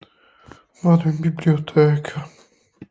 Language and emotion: Italian, sad